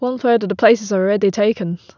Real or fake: real